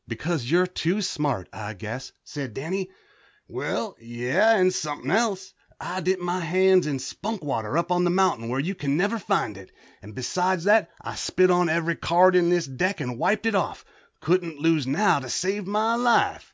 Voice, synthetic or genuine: genuine